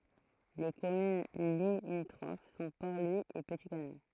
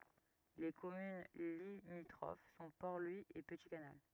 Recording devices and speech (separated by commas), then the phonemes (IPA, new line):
throat microphone, rigid in-ear microphone, read sentence
le kɔmyn limitʁof sɔ̃ pɔʁ lwi e pəti kanal